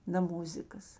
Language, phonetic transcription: Lithuanian, na ˈmuzikas

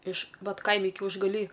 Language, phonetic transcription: Lithuanian, iš ˈvat ˈkaimi kiaušgaˈly

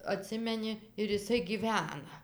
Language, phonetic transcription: Lithuanian, aˈtsimeni ir iˈsai ˈgyvena

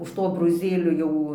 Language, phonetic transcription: Lithuanian, už ˈto abroˈzėlio ˈjau

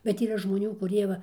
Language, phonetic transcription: Lithuanian, bet yˈra žmoˈnių kuˈrie va

